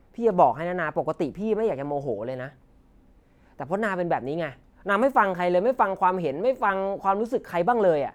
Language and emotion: Thai, frustrated